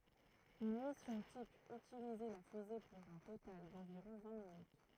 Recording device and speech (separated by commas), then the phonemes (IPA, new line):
throat microphone, read sentence
yn misjɔ̃ tip ytilizɛ la fyze puʁ œ̃ total dɑ̃viʁɔ̃ vɛ̃ minyt